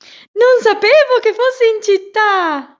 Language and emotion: Italian, surprised